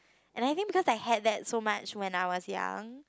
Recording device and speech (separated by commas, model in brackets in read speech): close-talking microphone, conversation in the same room